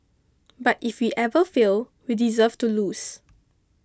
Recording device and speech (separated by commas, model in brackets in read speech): close-talking microphone (WH20), read sentence